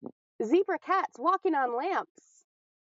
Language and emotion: English, happy